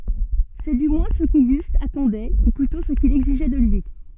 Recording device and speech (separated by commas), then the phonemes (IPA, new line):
soft in-ear microphone, read sentence
sɛ dy mwɛ̃ sə koɡyst atɑ̃dɛ u plytɔ̃ sə kil ɛɡziʒɛ də lyi